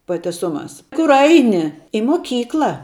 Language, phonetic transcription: Lithuanian, pa teˈsuˌmās ˈkur ˈaini i moˈkykla

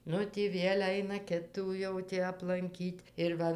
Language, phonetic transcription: Lithuanian, ˈnu ˈtį ˈviel' ˈaina ˈkitų ˈjau tį aplanˈkyt' ir ˈva

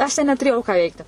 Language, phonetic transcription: Lithuanian, aš ten netuˈrėjau ką ˈveikti

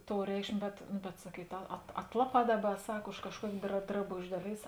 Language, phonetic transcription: Lithuanian, ˈtou ˈreikšmė bet ˈnu bet saˈkyt a at ˈatlaˌpā ˈdaˌba ˈsak už kažˈkuokė dra draˈbožė ˈdaˌlėis

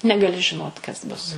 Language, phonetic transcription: Lithuanian, negaˈli žiˈnot kas ˈbus

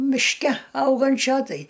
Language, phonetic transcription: Lithuanian, mišˈke ˈaugančio ˈtai

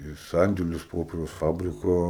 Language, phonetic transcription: Lithuanian, i ˈsandėlius ˈpoperiaus ˈfabriko

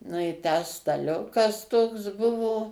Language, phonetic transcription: Lithuanian, nu i ˈtę staˈliukas toks ˈbuvo

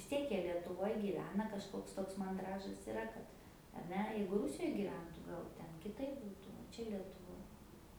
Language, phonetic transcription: Lithuanian, vis ˈtiek ˈjie lietuˈvoj gyˈvena kažˈkoks ˈtoks manˈdražas iˈra kad ar ˈne ˈjeigu ˈrusijoj gyˈventu ˈgal ˈten kiˈtaip ˈbūtu o ˈčia lietuˈvoj

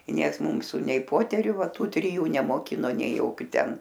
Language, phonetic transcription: Lithuanian, i ˈnieks ˈmūsu nei ˈpoteriu ˈva ˈtų triˈjų nemoˈkino nei ˈjokiu ten

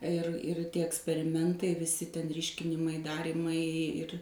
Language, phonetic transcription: Lithuanian, ir ir ˈtie eksperiˈmentai viˈsi ten ˈryškinimai ˈdarymai ir

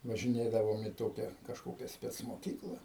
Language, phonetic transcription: Lithuanian, važiˈnėdavom į ˈtokia kažˈkokia specmoˈkykla

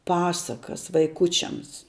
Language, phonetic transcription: Lithuanian, ˈpasakas vaiˈkučiams

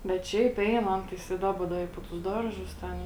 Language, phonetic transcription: Lithuanian, bet ˈšiaip ˈein ˈan tais i ˈdaba ˈda i po tus ˈdarˌžus ˈten

